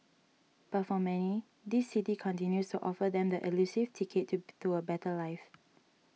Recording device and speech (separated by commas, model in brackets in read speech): mobile phone (iPhone 6), read sentence